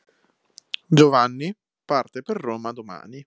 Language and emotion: Italian, neutral